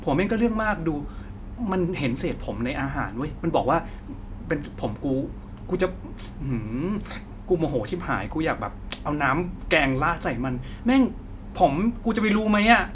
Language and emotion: Thai, frustrated